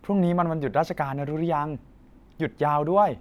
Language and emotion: Thai, happy